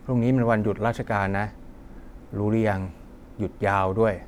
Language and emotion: Thai, neutral